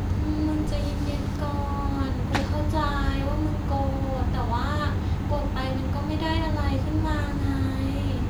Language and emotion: Thai, neutral